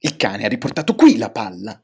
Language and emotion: Italian, angry